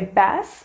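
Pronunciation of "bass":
'Bass' is pronounced incorrectly here.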